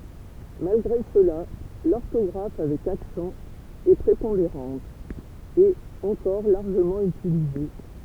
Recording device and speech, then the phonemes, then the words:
temple vibration pickup, read sentence
malɡʁe səla lɔʁtɔɡʁaf avɛk aksɑ̃ ɛ pʁepɔ̃deʁɑ̃t e ɑ̃kɔʁ laʁʒəmɑ̃ ytilize
Malgré cela, l'orthographe avec accent est prépondérante, et encore largement utilisée.

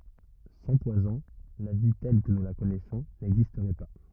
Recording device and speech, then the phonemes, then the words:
rigid in-ear microphone, read sentence
sɑ̃ pwazɔ̃ la vi tɛl kə nu la kɔnɛsɔ̃ nɛɡzistʁɛ pa
Sans poisons, la vie telle que nous la connaissons n'existerait pas.

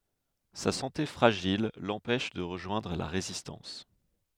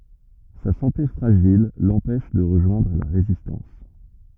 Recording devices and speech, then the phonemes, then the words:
headset microphone, rigid in-ear microphone, read sentence
sa sɑ̃te fʁaʒil lɑ̃pɛʃ də ʁəʒwɛ̃dʁ la ʁezistɑ̃s
Sa santé fragile l'empêche de rejoindre la Résistance.

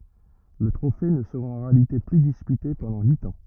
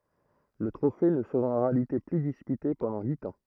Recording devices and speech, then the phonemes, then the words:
rigid in-ear microphone, throat microphone, read sentence
lə tʁofe nə səʁa ɑ̃ ʁealite ply dispyte pɑ̃dɑ̃ yit ɑ̃
Le trophée ne sera en réalité plus disputé pendant huit ans.

